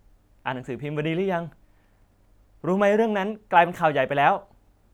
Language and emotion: Thai, happy